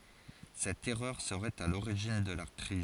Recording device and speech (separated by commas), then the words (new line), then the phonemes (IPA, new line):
forehead accelerometer, read sentence
Cette erreur serait à l'origine de la crise.
sɛt ɛʁœʁ səʁɛt a loʁiʒin də la kʁiz